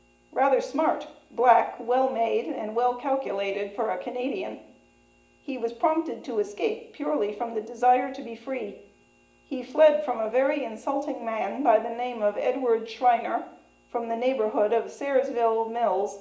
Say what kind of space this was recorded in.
A large space.